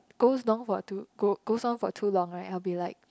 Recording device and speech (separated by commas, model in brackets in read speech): close-talking microphone, conversation in the same room